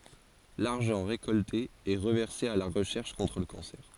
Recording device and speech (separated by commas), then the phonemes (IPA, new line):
forehead accelerometer, read sentence
laʁʒɑ̃ ʁekɔlte ɛ ʁəvɛʁse a la ʁəʃɛʁʃ kɔ̃tʁ lə kɑ̃sɛʁ